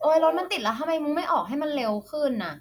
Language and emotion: Thai, frustrated